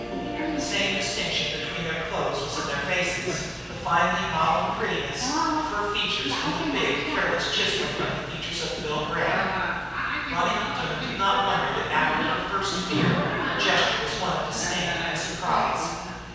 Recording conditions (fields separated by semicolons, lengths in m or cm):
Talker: one person; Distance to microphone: 7.1 m; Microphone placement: far; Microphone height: 1.7 m; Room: very reverberant, large; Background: television